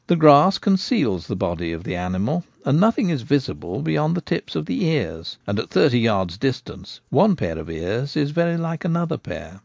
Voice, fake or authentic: authentic